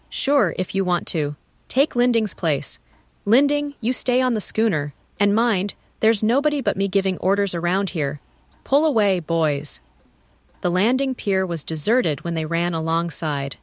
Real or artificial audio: artificial